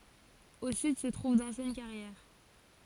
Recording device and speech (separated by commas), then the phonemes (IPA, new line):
forehead accelerometer, read sentence
o syd sə tʁuv dɑ̃sjɛn kaʁjɛʁ